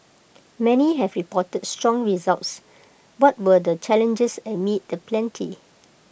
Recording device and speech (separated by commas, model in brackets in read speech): boundary microphone (BM630), read sentence